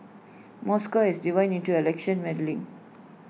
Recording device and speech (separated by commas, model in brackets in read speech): mobile phone (iPhone 6), read sentence